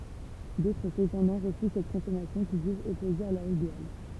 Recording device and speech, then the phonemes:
temple vibration pickup, read sentence
dotʁ səpɑ̃dɑ̃ ʁəfyz sɛt kɔ̃sɔmasjɔ̃ kil ʒyʒt ɔpoze a lœʁ ideal

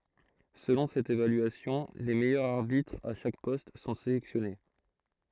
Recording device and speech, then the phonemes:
throat microphone, read sentence
səlɔ̃ sɛt evalyasjɔ̃ le mɛjœʁz aʁbitʁz a ʃak pɔst sɔ̃ selɛksjɔne

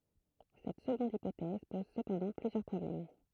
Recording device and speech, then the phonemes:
throat microphone, read sentence
sɛt səɡɔ̃d ipotɛz pɔz səpɑ̃dɑ̃ plyzjœʁ pʁɔblɛm

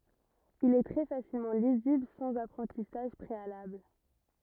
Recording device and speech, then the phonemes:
rigid in-ear microphone, read sentence
il ɛ tʁɛ fasilmɑ̃ lizibl sɑ̃z apʁɑ̃tisaʒ pʁealabl

